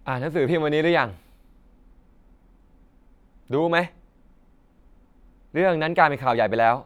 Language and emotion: Thai, angry